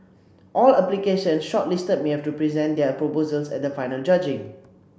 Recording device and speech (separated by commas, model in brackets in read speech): boundary microphone (BM630), read sentence